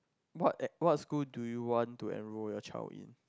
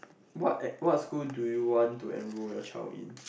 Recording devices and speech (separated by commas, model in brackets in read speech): close-talking microphone, boundary microphone, conversation in the same room